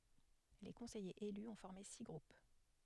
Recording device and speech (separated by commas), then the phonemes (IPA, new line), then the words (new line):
headset microphone, read sentence
le kɔ̃sɛjez ely ɔ̃ fɔʁme si ɡʁup
Les conseillers élus ont formé six groupes.